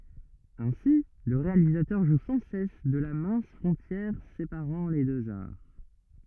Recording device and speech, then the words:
rigid in-ear microphone, read sentence
Ainsi, le réalisateur joue sans cesse de la mince frontière séparant les deux arts.

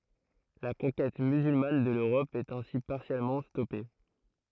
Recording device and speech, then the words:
throat microphone, read sentence
La conquête musulmane de l'Europe est ainsi partiellement stoppée.

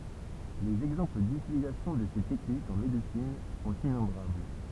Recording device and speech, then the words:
temple vibration pickup, read sentence
Les exemples d'utilisation de ces techniques en médecine sont innombrables.

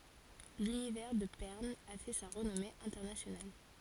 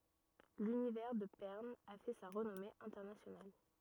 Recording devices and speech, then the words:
forehead accelerometer, rigid in-ear microphone, read sentence
L'univers de Pern a fait sa renommée internationale.

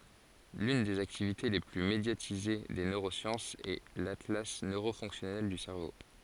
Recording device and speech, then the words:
forehead accelerometer, read sentence
L'une des activités les plus médiatisées des neurosciences est l'atlas neuro-fonctionnel du cerveau.

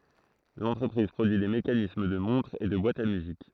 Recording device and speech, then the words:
throat microphone, read sentence
L'entreprise produit des mécanismes de montres et de boîtes à musique.

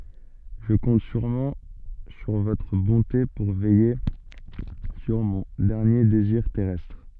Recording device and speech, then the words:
soft in-ear microphone, read sentence
Je compte sûrement sur votre bonté pour veiller sur mon dernier désir terrestre.

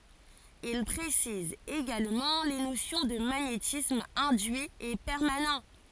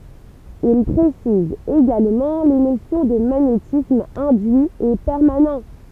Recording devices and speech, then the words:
forehead accelerometer, temple vibration pickup, read sentence
Il précise également les notions de magnétisme induit et permanent.

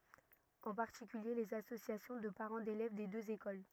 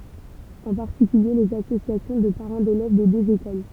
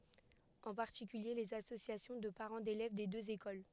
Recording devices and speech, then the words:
rigid in-ear microphone, temple vibration pickup, headset microphone, read sentence
En particulier les associations de parents d'élèves des deux écoles.

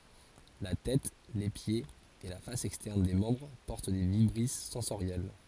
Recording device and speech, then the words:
forehead accelerometer, read sentence
La tête, les pieds et la face externe des membres portent des vibrisses sensorielles.

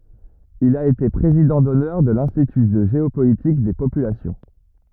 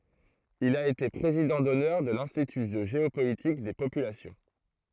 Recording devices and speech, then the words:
rigid in-ear microphone, throat microphone, read sentence
Il a été président d'honneur de l'Institut de géopolitique des populations.

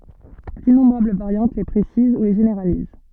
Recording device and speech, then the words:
soft in-ear microphone, read sentence
D'innombrables variantes les précisent ou les généralisent.

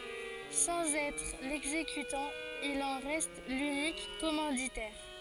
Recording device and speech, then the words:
forehead accelerometer, read sentence
Sans être l'exécutant, il en reste l'unique commanditaire.

